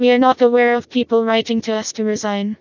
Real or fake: fake